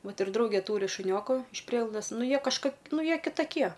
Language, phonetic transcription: Lithuanian, ˈvat ir ˈdraugė ˈtūri šuˈnioku iš ˈprieglaudas ˈnu ˈjie kažˈkok ˈnu ˈjie kitaˈkie

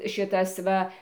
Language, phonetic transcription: Lithuanian, ˈšitas ˈva

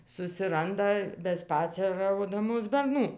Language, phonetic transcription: Lithuanian, susiˈranda beˈspaceraudamos berˈnų

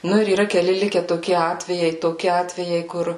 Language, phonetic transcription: Lithuanian, ˈnu ir yˈra keˈli ˈlike toˈki ˈatvejai toˈki ˈatvejai ˈkur

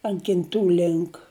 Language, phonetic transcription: Lithuanian, ant kinˈtų ˈlink

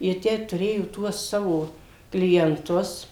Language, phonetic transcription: Lithuanian, jie ˈtę tuˈrėjo ˈtuos ˈsavo klienˈtus

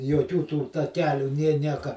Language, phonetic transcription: Lithuanian, joˈkių tų taˈkelių nė ˈnieka

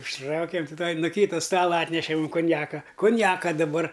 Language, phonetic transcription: Lithuanian, užˈtraukėm ti tuoj nu ˈkyta ˈstala ˈatneše mūm kunˈjaka kunˈjaka daˈbar

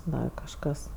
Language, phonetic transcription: Lithuanian, ˈdar kažˈkas

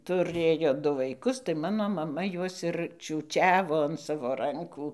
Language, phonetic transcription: Lithuanian, tuˈrėjo ˈdu vaiˈkus tai ˈmano maˈma ˈjuos ir čiūˈčiavo an ˈsavo ˈrankų

